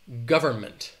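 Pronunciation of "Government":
In 'government', the n sound in the middle of the word is dropped.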